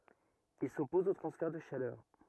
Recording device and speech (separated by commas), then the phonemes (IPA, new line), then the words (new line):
rigid in-ear microphone, read sentence
il sɔpɔz o tʁɑ̃sfɛʁ də ʃalœʁ
Il s'oppose aux transferts de chaleur.